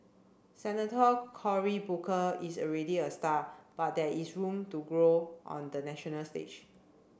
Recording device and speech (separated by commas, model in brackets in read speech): boundary microphone (BM630), read sentence